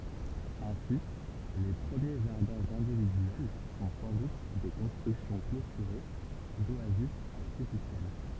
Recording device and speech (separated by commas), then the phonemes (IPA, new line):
temple vibration pickup, read sentence
ɛ̃si le pʁəmje ʒaʁdɛ̃z ɛ̃dividyɛl sɔ̃ sɑ̃ dut de kɔ̃stʁyksjɔ̃ klotyʁe doazis aʁtifisjɛl